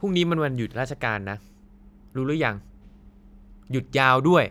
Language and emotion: Thai, frustrated